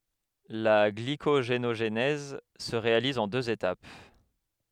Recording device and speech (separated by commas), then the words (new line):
headset microphone, read sentence
La glycogénogenèse se réalise en deux étapes.